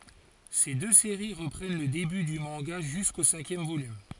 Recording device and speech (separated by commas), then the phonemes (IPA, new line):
forehead accelerometer, read sentence
se dø seʁi ʁəpʁɛn lə deby dy mɑ̃ɡa ʒysko sɛ̃kjɛm volym